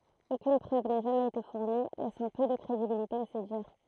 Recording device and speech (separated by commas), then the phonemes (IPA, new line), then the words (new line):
throat microphone, read sentence
okyn pʁøv na ʒamɛz ete fuʁni lɛsɑ̃ pø də kʁedibilite a se diʁ
Aucune preuve n'a jamais été fournie, laissant peu de crédibilité à ses dires.